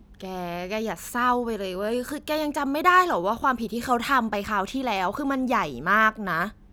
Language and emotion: Thai, frustrated